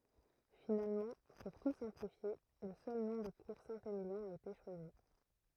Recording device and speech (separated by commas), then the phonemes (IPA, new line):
throat microphone, read sentence
finalmɑ̃ puʁ tu sɛ̃plifje lə sœl nɔ̃ də kuʁ sɛ̃temiljɔ̃ a ete ʃwazi